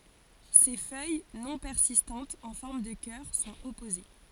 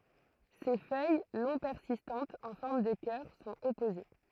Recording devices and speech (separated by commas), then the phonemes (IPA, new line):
forehead accelerometer, throat microphone, read sentence
se fœj nɔ̃ pɛʁsistɑ̃tz ɑ̃ fɔʁm də kœʁ sɔ̃t ɔpoze